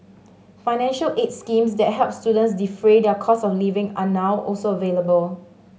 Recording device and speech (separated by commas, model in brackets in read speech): mobile phone (Samsung S8), read sentence